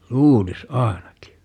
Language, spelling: Finnish, luulisi ainakin
- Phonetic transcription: "luulis 'aenaki .

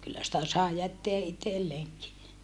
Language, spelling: Finnish, kyllä sitä sai jättää itselleenkin
- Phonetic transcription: kyllä sitä sàe jätteä itelleeŋki .

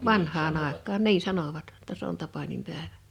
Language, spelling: Finnish, vanhaan aikaan niin sanoivat jotta se on tapaninpäivä
- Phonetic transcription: vanh̀aa'n ‿àek̆kaan "nii 'sanovat (jo)tta s ‿on 'tapanim'pä̀evᴀ̈ .

